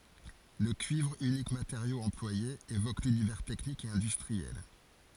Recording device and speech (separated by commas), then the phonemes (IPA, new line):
forehead accelerometer, read sentence
lə kyivʁ ynik mateʁjo ɑ̃plwaje evok lynivɛʁ tɛknik e ɛ̃dystʁiɛl